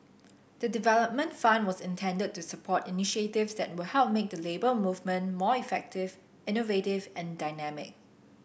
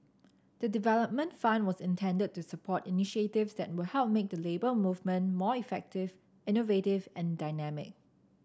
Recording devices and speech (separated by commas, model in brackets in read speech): boundary microphone (BM630), standing microphone (AKG C214), read sentence